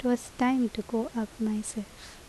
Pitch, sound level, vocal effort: 225 Hz, 74 dB SPL, soft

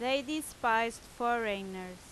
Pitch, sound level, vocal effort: 230 Hz, 90 dB SPL, very loud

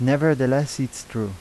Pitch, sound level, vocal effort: 135 Hz, 85 dB SPL, normal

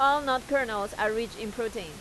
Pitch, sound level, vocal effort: 230 Hz, 92 dB SPL, loud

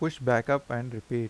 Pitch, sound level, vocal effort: 120 Hz, 85 dB SPL, normal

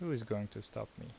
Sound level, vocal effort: 76 dB SPL, soft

